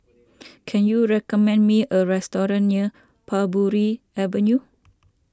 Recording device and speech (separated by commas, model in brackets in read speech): standing microphone (AKG C214), read sentence